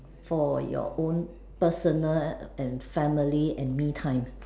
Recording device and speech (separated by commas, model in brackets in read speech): standing microphone, conversation in separate rooms